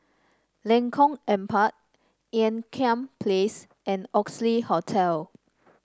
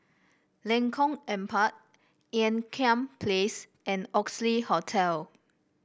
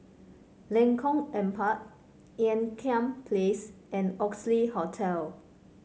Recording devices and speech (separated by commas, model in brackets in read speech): standing microphone (AKG C214), boundary microphone (BM630), mobile phone (Samsung C5), read sentence